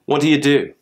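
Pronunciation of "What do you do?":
In 'What do you do?', 'do you' runs together like 'do ya', with the vowel of 'you' reduced to a schwa.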